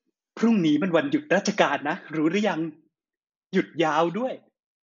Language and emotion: Thai, happy